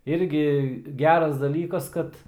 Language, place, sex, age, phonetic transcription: Lithuanian, Aukštaitija, male, 18-60, ˈirgi ˈgeras daˈlykas ˈkad

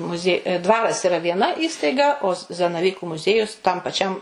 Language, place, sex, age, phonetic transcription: Lithuanian, Suvalkija, female, 60+, muˈzie ˈdvaras iˈra vieˈna ˈįstaiga o z zanaˈvyku muˈziejus tam paˈčiam

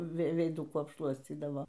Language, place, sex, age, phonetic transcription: Lithuanian, Aukštaitija, female, 60+, ˈvei veiˈdukų apˈšluoscydavo

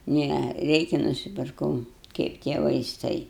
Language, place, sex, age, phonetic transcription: Lithuanian, Aukštaitija, female, 60+, ˈne ˈreikia nusipirˈkau ˈkaip tie vaiˈstai

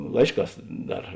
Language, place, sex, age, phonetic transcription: Lithuanian, Žemaitija, male, 60+, ˈlaišˌkās ˈdar

